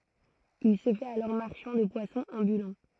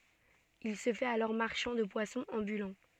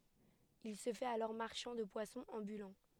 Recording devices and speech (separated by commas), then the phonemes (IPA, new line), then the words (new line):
throat microphone, soft in-ear microphone, headset microphone, read sentence
il sə fɛt alɔʁ maʁʃɑ̃ də pwasɔ̃z ɑ̃bylɑ̃
Il se fait alors marchand de poissons ambulant.